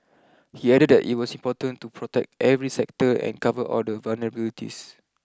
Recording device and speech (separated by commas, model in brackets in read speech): close-talking microphone (WH20), read sentence